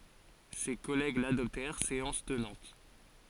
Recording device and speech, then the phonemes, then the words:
forehead accelerometer, read sentence
se kɔlɛɡ ladɔptɛʁ seɑ̃s tənɑ̃t
Ses collègues l’adoptèrent séance tenante.

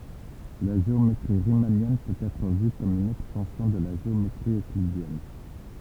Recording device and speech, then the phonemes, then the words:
temple vibration pickup, read sentence
la ʒeometʁi ʁimanjɛn pøt ɛtʁ vy kɔm yn ɛkstɑ̃sjɔ̃ də la ʒeometʁi øklidjɛn
La géométrie riemannienne peut être vue comme une extension de la géométrie euclidienne.

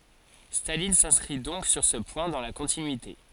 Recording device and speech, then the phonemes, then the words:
forehead accelerometer, read sentence
stalin sɛ̃skʁi dɔ̃k syʁ sə pwɛ̃ dɑ̃ la kɔ̃tinyite
Staline s’inscrit donc sur ce point dans la continuité.

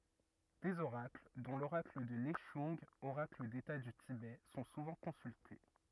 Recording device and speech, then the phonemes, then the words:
rigid in-ear microphone, read sentence
dez oʁakl dɔ̃ loʁakl də nɛʃœ̃ɡ oʁakl deta dy tibɛ sɔ̃ suvɑ̃ kɔ̃sylte
Des oracles, dont l'oracle de Nechung, oracle d'État du Tibet, sont souvent consultés.

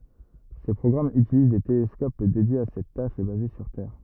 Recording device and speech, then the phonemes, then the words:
rigid in-ear microphone, read sentence
se pʁɔɡʁamz ytiliz de telɛskop dedjez a sɛt taʃ e baze syʁ tɛʁ
Ces programmes utilisent des télescopes dédiés à cette tâche et basés sur Terre.

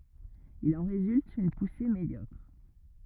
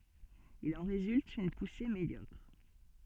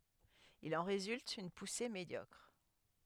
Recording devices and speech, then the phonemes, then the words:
rigid in-ear microphone, soft in-ear microphone, headset microphone, read sentence
il ɑ̃ ʁezylt yn puse medjɔkʁ
Il en résulte une poussée médiocre.

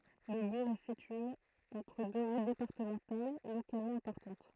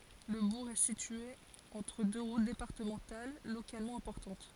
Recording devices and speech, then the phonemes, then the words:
throat microphone, forehead accelerometer, read sentence
lə buʁ ɛ sitye ɑ̃tʁ dø ʁut depaʁtəmɑ̃tal lokalmɑ̃ ɛ̃pɔʁtɑ̃t
Le bourg est situé entre deux routes départementales localement importantes.

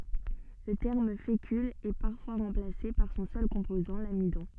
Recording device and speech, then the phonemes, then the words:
soft in-ear microphone, read sentence
lə tɛʁm fekyl ɛ paʁfwa ʁɑ̃plase paʁ sɔ̃ sœl kɔ̃pozɑ̃ lamidɔ̃
Le terme fécule est parfois remplacé par son seul composant, l'amidon.

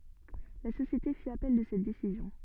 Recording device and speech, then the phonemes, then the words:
soft in-ear microphone, read sentence
la sosjete fi apɛl də sɛt desizjɔ̃
La société fit appel de cette décision.

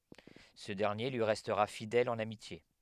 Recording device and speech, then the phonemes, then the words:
headset microphone, read sentence
sə dɛʁnje lyi ʁɛstʁa fidɛl ɑ̃n amitje
Ce dernier lui restera fidèle en amitié.

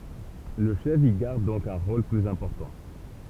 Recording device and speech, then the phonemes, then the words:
temple vibration pickup, read sentence
lə ʃɛf i ɡaʁd dɔ̃k œ̃ ʁol plyz ɛ̃pɔʁtɑ̃
Le chef y garde donc un rôle plus important.

